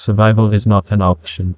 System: TTS, neural waveform model